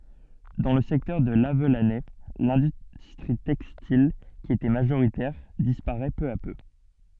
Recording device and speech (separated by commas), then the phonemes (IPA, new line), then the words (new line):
soft in-ear microphone, read sentence
dɑ̃ lə sɛktœʁ də lavlanɛ lɛ̃dystʁi tɛkstil ki etɛ maʒoʁitɛʁ dispaʁɛ pø a pø
Dans le secteur de Lavelanet, l'industrie textile qui était majoritaire disparaît peu à peu.